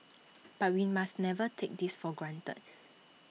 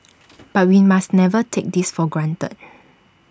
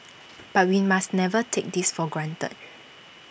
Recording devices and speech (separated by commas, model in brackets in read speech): mobile phone (iPhone 6), standing microphone (AKG C214), boundary microphone (BM630), read sentence